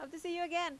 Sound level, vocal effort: 88 dB SPL, loud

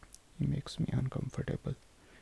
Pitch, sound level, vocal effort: 145 Hz, 66 dB SPL, soft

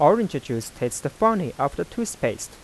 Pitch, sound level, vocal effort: 145 Hz, 88 dB SPL, soft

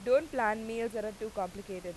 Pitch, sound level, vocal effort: 215 Hz, 92 dB SPL, loud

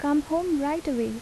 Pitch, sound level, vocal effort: 290 Hz, 79 dB SPL, soft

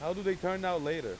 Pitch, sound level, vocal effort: 180 Hz, 97 dB SPL, very loud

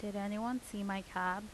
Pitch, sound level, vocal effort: 205 Hz, 82 dB SPL, normal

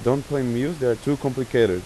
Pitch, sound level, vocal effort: 130 Hz, 90 dB SPL, normal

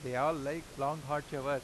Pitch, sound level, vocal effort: 145 Hz, 93 dB SPL, normal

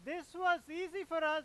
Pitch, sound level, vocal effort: 340 Hz, 105 dB SPL, very loud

